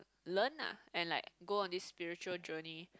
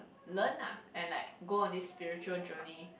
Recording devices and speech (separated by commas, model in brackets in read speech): close-talking microphone, boundary microphone, conversation in the same room